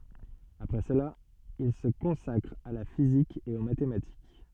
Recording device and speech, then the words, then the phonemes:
soft in-ear microphone, read sentence
Après cela, il se consacre à la physique et aux mathématiques.
apʁɛ səla il sə kɔ̃sakʁ a la fizik e o matematik

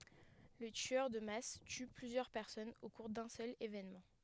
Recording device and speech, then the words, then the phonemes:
headset microphone, read sentence
Le tueur de masse tue plusieurs personnes au cours d'un seul événement.
lə tyœʁ də mas ty plyzjœʁ pɛʁsɔnz o kuʁ dœ̃ sœl evenmɑ̃

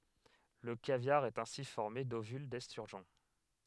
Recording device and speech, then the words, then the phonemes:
headset microphone, read sentence
Le caviar est ainsi formé d'ovules d'esturgeon.
lə kavjaʁ ɛt ɛ̃si fɔʁme dovyl dɛstyʁʒɔ̃

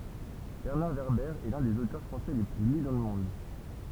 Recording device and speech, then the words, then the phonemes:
temple vibration pickup, read sentence
Bernard Werber est l'un des auteurs français les plus lus dans le monde.
bɛʁnaʁ vɛʁbɛʁ ɛ lœ̃ dez otœʁ fʁɑ̃sɛ le ply ly dɑ̃ lə mɔ̃d

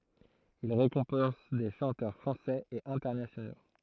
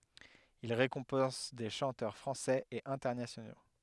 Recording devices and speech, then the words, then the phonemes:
throat microphone, headset microphone, read sentence
Il récompense des chanteurs français et internationaux.
il ʁekɔ̃pɑ̃s de ʃɑ̃tœʁ fʁɑ̃sɛz e ɛ̃tɛʁnasjono

